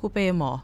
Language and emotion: Thai, neutral